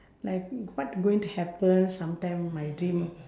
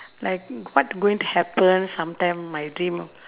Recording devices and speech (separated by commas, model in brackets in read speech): standing microphone, telephone, conversation in separate rooms